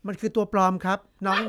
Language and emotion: Thai, neutral